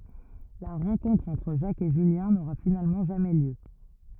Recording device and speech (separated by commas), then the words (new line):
rigid in-ear microphone, read sentence
La rencontre entre Jacques et Julien n'aura finalement jamais lieu.